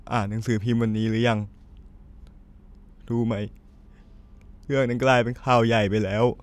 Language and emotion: Thai, sad